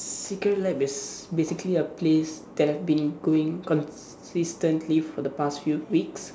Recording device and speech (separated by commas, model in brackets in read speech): standing microphone, conversation in separate rooms